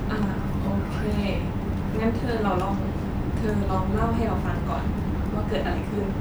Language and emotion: Thai, neutral